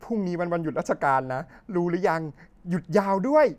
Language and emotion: Thai, happy